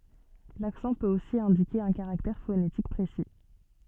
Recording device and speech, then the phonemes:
soft in-ear microphone, read sentence
laksɑ̃ pøt osi ɛ̃dike œ̃ kaʁaktɛʁ fonetik pʁesi

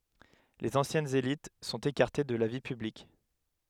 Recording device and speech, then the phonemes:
headset microphone, read sentence
lez ɑ̃sjɛnz elit sɔ̃t ekaʁte də la vi pyblik

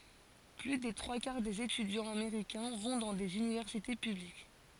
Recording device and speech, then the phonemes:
forehead accelerometer, read sentence
ply de tʁwa kaʁ dez etydjɑ̃z ameʁikɛ̃ vɔ̃ dɑ̃ dez ynivɛʁsite pyblik

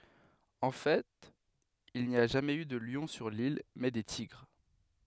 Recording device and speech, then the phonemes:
headset microphone, read sentence
ɑ̃ fɛt il ni a ʒamɛz y də ljɔ̃ syʁ lil mɛ de tiɡʁ

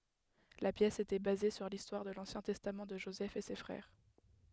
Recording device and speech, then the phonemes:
headset microphone, read sentence
la pjɛs etɛ baze syʁ listwaʁ də lɑ̃sjɛ̃ tɛstam də ʒozɛf e se fʁɛʁ

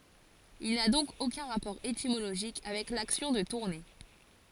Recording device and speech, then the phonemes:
forehead accelerometer, read sentence
il na dɔ̃k okœ̃ ʁapɔʁ etimoloʒik avɛk laksjɔ̃ də tuʁne

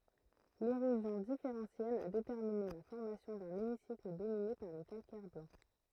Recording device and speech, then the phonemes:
throat microphone, read sentence
leʁozjɔ̃ difeʁɑ̃sjɛl a detɛʁmine la fɔʁmasjɔ̃ dœ̃n emisikl domine paʁ le kalkɛʁ blɑ̃

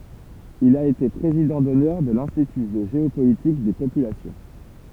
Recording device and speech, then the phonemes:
temple vibration pickup, read sentence
il a ete pʁezidɑ̃ dɔnœʁ də lɛ̃stity də ʒeopolitik de popylasjɔ̃

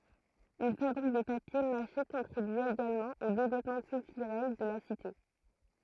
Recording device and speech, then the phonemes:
throat microphone, read sentence
yn fabʁik də papje maʃe kɔ̃tʁibya eɡalmɑ̃ o devlɔpmɑ̃ kyltyʁɛl də la site

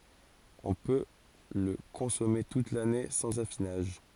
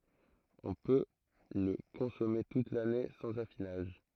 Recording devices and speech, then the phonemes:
forehead accelerometer, throat microphone, read sentence
ɔ̃ pø lə kɔ̃sɔme tut lane sɑ̃z afinaʒ

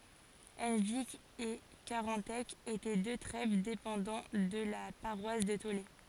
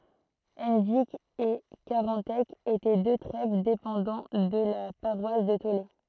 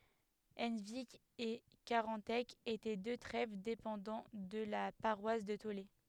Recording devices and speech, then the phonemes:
forehead accelerometer, throat microphone, headset microphone, read sentence
ɑ̃vik e kaʁɑ̃tɛk etɛ dø tʁɛv depɑ̃dɑ̃ də la paʁwas də tole

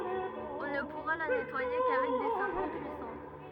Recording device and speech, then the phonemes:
rigid in-ear microphone, read sentence
ɔ̃ nə puʁa la nɛtwaje kavɛk de sɔlvɑ̃ pyisɑ̃

